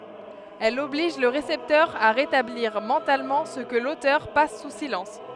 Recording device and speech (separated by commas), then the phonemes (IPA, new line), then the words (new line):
headset microphone, read sentence
ɛl ɔbliʒ lə ʁesɛptœʁ a ʁetabliʁ mɑ̃talmɑ̃ sə kə lotœʁ pas su silɑ̃s
Elle oblige le récepteur à rétablir mentalement ce que l’auteur passe sous silence.